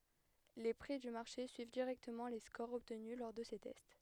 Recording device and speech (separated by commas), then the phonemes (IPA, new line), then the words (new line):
headset microphone, read sentence
le pʁi dy maʁʃe syiv diʁɛktəmɑ̃ le skoʁz ɔbtny lɔʁ də se tɛst
Les prix du marché suivent directement les scores obtenus lors de ces tests.